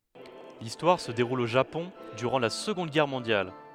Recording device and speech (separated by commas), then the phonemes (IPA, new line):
headset microphone, read sentence
listwaʁ sə deʁul o ʒapɔ̃ dyʁɑ̃ la səɡɔ̃d ɡɛʁ mɔ̃djal